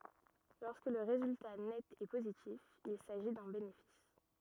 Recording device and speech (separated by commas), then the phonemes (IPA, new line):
rigid in-ear microphone, read sentence
lɔʁskə lə ʁezylta nɛt ɛ pozitif il saʒi dœ̃ benefis